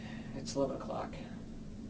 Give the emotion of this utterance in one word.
neutral